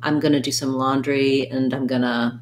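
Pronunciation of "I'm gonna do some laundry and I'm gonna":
'And' is reduced: the d is dropped, and the word sounds more like just an n sound.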